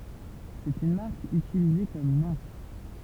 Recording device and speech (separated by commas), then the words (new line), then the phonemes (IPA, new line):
temple vibration pickup, read sentence
C'est une marque utilisée comme nom.
sɛt yn maʁk ytilize kɔm nɔ̃